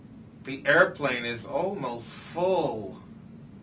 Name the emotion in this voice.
disgusted